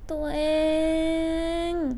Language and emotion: Thai, sad